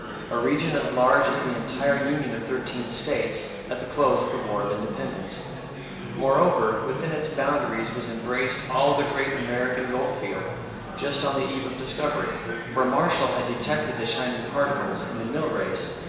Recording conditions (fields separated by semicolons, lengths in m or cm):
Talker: one person; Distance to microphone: 1.7 m; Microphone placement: close; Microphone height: 1.0 m; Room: very reverberant, large; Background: babble